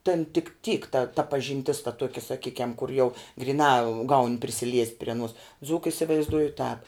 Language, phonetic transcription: Lithuanian, ten tik tyk ta ta pažinˈtis ta ˈtuokia saˈkykiam kur jau griˈnā gaun' prisiˈliest' pri aˈnuos ˈdzūka isivaizˈduoju tāp

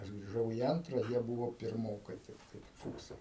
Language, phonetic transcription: Lithuanian, ˈaš griˈžau į ˈantra ˈjie ˈbūvo pirˈmokai tikˈtai ˈfūksai

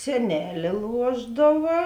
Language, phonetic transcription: Lithuanian, seˈnelė ˈluošdava

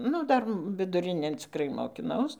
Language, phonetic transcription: Lithuanian, ˈnu ˈdar viduˈrinėn cikˈrai mokiˈnaus

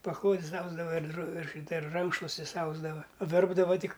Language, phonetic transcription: Lithuanian, paˈklodis ˈausdava ir dro ir ˈšyta ir ˈrankšluostis ˈausdava ˈverpdava ˈtik

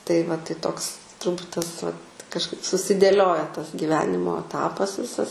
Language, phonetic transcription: Lithuanian, tai va tai ˈtoks turˈbūt ˈtas vat kažˈkaip susidėˈlioja tas gyˈvenimo aˈtapas ˈvisas

